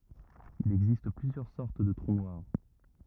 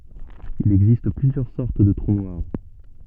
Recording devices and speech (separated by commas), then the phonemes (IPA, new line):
rigid in-ear microphone, soft in-ear microphone, read sentence
il ɛɡzist plyzjœʁ sɔʁt də tʁu nwaʁ